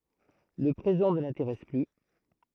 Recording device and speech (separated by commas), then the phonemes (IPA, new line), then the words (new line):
throat microphone, read sentence
lə pʁezɑ̃ nə lɛ̃teʁɛs ply
Le présent ne l’intéresse plus.